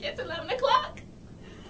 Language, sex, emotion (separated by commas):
English, female, fearful